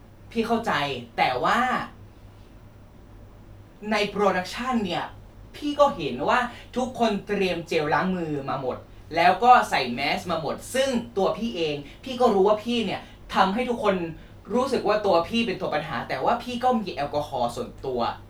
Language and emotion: Thai, frustrated